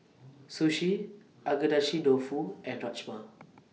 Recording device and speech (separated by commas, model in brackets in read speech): mobile phone (iPhone 6), read sentence